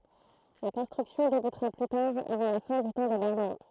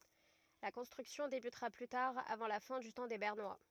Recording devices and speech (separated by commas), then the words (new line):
throat microphone, rigid in-ear microphone, read sentence
La construction débutera plus tard avant la fin du temps des Bernois.